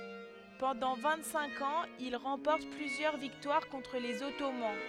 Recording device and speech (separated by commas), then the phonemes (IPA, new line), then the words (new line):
headset microphone, read sentence
pɑ̃dɑ̃ vɛ̃t sɛ̃k ɑ̃z il ʁɑ̃pɔʁt plyzjœʁ viktwaʁ kɔ̃tʁ lez ɔtoman
Pendant vingt-cinq ans, il remporte plusieurs victoires contre les Ottomans.